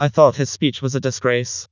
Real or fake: fake